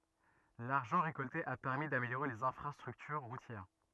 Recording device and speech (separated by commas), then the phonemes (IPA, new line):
rigid in-ear microphone, read sentence
laʁʒɑ̃ ʁekɔlte a pɛʁmi dameljoʁe lez ɛ̃fʁastʁyktyʁ ʁutjɛʁ